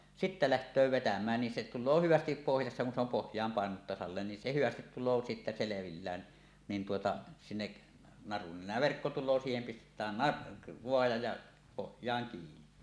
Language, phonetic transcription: Finnish, sittä "läht̀öö 'vetäm̀ään nin se tul̆loo "hyvästip 'pohjassa kun se ‿om pohj̀aam pàenunut tasalleen nin se 'hyvästit tul̆loo sittä 'selevillään , niin tuota , sinnek̳ , narun nen̆nää , "verkko tul̆loo 'siihem 'pistet̆tään "nar- , "voaja ja , 'pohj̀aaŋ kiini .
- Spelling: sitten lähtee vetämään niin se tulee hyvästi pohjassa kun se on pohjaan painunut tasalleen niin se hyvästi tulee sitten selvillään niin tuota sinne narun nenään verkko tulee siihen pistetään - naruja ja pohjaan kiinni

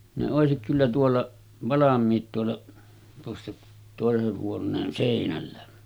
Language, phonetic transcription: Finnish, ne 'òesik kyllä tuolla , 'valam̆miit tuolla , tuossa tòeseh huon̆neen 'sèinällä .
- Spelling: ne olisi kyllä tuolla valmiit tuolla tuossa toisen huoneen seinällä

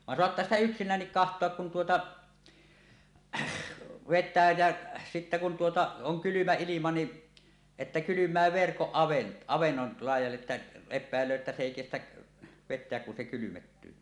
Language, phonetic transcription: Finnish, van "soattaa sitä "yksin̆näännik "kaht̀oak kun tuota , vet̆tää jä , sittä kun tuota 'oŋ 'kylymä 'ilima ni , että 'kylym̆mää 'verkoˀ 'ˀavennol laij̆jalle 'ᵉttä , 'ep̆pä̀el̆löö että "s ‿èi 'kestäˀ , 'vet̆teäk kun se kylymettyy .
- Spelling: vaan saattaa sitä yksinäänkin katsoa kun tuota vetää ja sitten kun tuota on kylmä ilma niin että kylmää verkko avannon laidalle että epäilee että se ei kestä vetää kun se kylmettyy

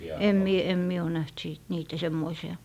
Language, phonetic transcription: Finnish, em 'mie , em 'mie o 'näht 'sìt 'niitä 'semmoisi₍a .
- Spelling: en minä en minä ole nähnyt sitten niitä semmoisia

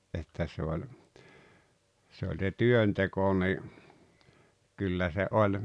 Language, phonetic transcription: Finnish, että se oĺ , se oĺ se "työnteko ni , 'kyllä se '’oĺ ,.
- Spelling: että se oli se oli se työnteko niin kyllä se oli

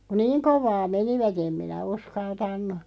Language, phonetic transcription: Finnish, ku "niiŋ 'kov̀aa 'menivät ‿em 'minä "uskaltan̆nu .
- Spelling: kun niin kovaa menivät en minä uskaltanut

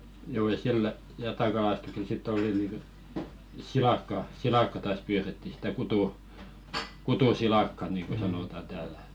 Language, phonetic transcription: Finnish, juu ja "sillə , 'jatakalastuksel 'sitt ‿oli nìŋkə , "silakka , 'silakka taas 'pyyretti sⁱtä kutu- , 'kutu"silàkka niiŋko sanòtaⁿ 'täälᴀ̈ ᴇttᴀ̈ .
- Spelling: juu ja sillä jatakalastuksella sitten oli niin kuin silakkaa silakkaa taas pyydettiin sitä - kutusilakkaa niin kuin sanotaan täällä että

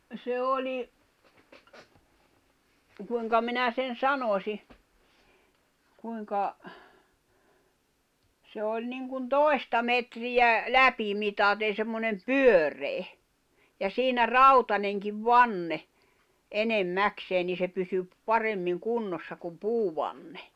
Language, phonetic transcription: Finnish, se 'oli , kuiŋka 'minä sen̬ "sanosi , kuiŋka , 'se oĺ niŋkun "toi̬sta metriʲä , "läpimitäten̬ semmonem "pyör̀e̳e̳ , ja 'siinä "rautaneŋkiv "vanne , 'enem"mäkseen nii se pysy , 'paremmiŋ 'kunnossa kum 'puuvanne .
- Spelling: se oli kuinka minä sen sanoisin kuinka se oli niin kuin toista metriä läpimitaten semmoinen pyöreä ja siinä rautainenkin vanne enimmäkseen niin se pysyi paremmin kunnossa kuin puuvanne

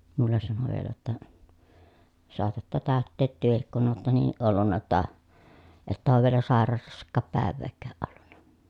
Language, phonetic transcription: Finnish, mullen sano vielä jotta , » soatatta tä̀ötteet työhik kun ootta niiʼ ʼollunna jotta , että oov vielä sàeraa(la)sᵃkaap pä̀ev̆veekkääʼ ʼollunna » .
- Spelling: minulle sanoi vielä jotta saatatte täyttää tekin kun olette niin ollut jotta että ole vielä sairaalassakaan päivääkään ollut

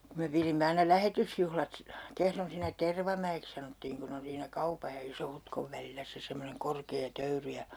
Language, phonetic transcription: Finnish, ku me 'pirimme aina 'lähetysjuhlat si- , 'Kehron siinnä "Tervamä₍eks sanottiiŋ kun ‿on siinä 'kaupaj ja 'Isohutkov välillä se 'semmoneŋ 'korkee 'töyry ja ,.
- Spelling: kun me pidimme aina lähetysjuhlat - Kehron siinä Tervamäeksi sanottiin kun on siinä kaupan ja Iso-Hutkon välillä se semmoinen korkea töyry ja

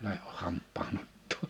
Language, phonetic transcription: Finnish, läheh 'hamp̆paa'n ‿ottʰoo .
- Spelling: lähde hampaan ottoon

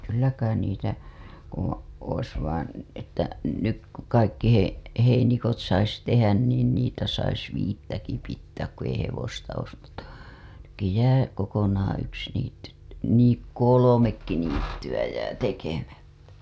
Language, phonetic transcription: Finnish, 'kyllä 'kain niitä , o- , ois vain̬ , että , 'nyk ku 'kaikki hei- , heinikot sais 'tehän niin niitä sais 'viittäki pittääk ku ei 'hevosta ois mutta , nykki 'jää , kokonaaa̰ 'yks niitty , et- , nii , "kolomekki niittywä jää 'tekemättä .
- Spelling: kyllä kai niitä - olisi vain että nyt kun kaikki - heinikot saisi tehdä niin niitä saisi viittäkin pitää kun ei hevosta olisi mutta nytkin jää kokonaan yksi niitty - niin kolmekin niittyä jää tekemättä

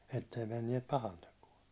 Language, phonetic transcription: Finnish, ettei menniɛt 'pahantekuå .
- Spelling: että ei menneet pahantekoa

